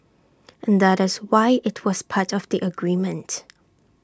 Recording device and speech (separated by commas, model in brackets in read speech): standing microphone (AKG C214), read sentence